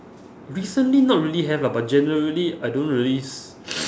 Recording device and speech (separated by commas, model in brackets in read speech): standing microphone, conversation in separate rooms